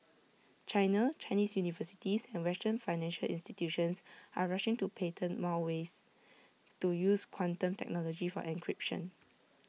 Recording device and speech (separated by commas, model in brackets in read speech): mobile phone (iPhone 6), read sentence